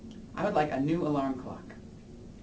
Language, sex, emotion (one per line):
English
male
neutral